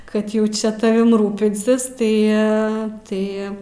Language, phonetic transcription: Lithuanian, ˈkad jau ˈčia taˈvim ˈrūpinsis tai ˈa ˈtai

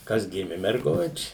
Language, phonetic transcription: Lithuanian, ˈkas ˈgimi merˈguči

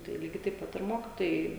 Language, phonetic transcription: Lithuanian, tai ˈlygiai taip ˈpat ir ˈmokitojai

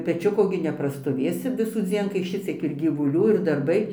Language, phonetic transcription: Lithuanian, peˈčiuko gi neprastoˈvėsi visųˈdzien kai ˈšiciek ir gyvuˈlių ir darˈbai

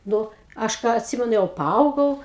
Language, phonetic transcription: Lithuanian, ˈnu ˈaš ˈką atˈsimenu jau paˈaugau

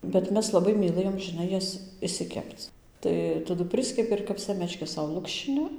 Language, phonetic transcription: Lithuanian, bet ˈmes laˈbai myˈlɘjom žiˈnai ˈjas išsiˈkepc ˈtai taˈdu ˈpriskepi ir kap ˈsemečkes ˈsau ˈlukščini

